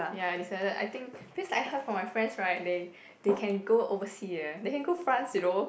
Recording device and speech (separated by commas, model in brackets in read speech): boundary microphone, conversation in the same room